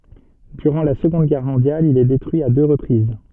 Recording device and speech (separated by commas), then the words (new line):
soft in-ear microphone, read sentence
Durant la Seconde Guerre mondiale il est détruit à deux reprises.